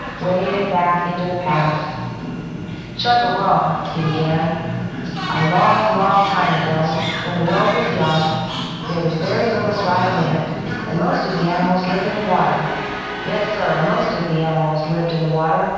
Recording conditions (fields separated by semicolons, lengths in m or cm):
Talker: one person; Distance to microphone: 7.1 m; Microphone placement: far; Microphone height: 1.7 m; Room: very reverberant, large; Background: television